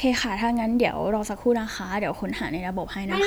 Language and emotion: Thai, neutral